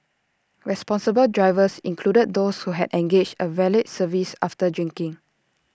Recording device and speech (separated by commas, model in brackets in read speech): standing microphone (AKG C214), read sentence